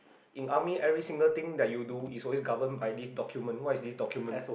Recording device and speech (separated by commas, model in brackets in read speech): boundary microphone, conversation in the same room